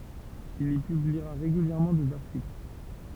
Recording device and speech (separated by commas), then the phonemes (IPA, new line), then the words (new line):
temple vibration pickup, read sentence
il i pybliʁa ʁeɡyljɛʁmɑ̃ dez aʁtikl
Il y publiera régulièrement des articles.